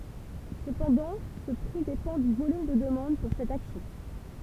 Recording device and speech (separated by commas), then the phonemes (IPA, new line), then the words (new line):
temple vibration pickup, read sentence
səpɑ̃dɑ̃ sə pʁi depɑ̃ dy volym də dəmɑ̃d puʁ sɛt aksjɔ̃
Cependant ce prix dépend du volume de demande pour cette action.